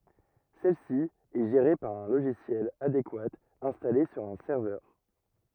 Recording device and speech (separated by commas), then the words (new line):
rigid in-ear microphone, read sentence
Celle-ci est gérée par un logiciel adéquat installé sur un serveur.